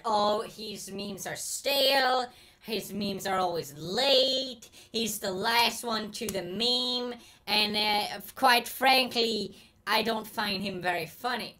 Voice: Hater voice